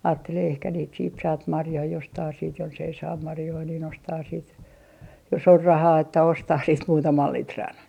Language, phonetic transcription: Finnish, 'aattelee ehkä niit siit 'saat "marjoi jostaa siit jonsei saam 'marjoi nin 'ostaa siit , jo's ‿or "rahaa että 'ostah siit 'muutamal 'litran .
- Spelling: ajattelee ehkä niitä sitten saat marjoja jostakin sitten jos ei saa marjoja niin ostaa sitten jos on rahaa että osta sitten muutaman litran

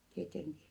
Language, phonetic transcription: Finnish, tieteŋki .
- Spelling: tietenkin

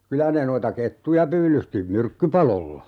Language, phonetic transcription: Finnish, 'kylä ne noita "kettuja 'pyylysti , "myrkkypalolla .
- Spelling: kyllä ne noita kettuja pyydysti myrkkypaloilla

